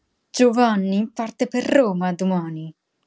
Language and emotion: Italian, angry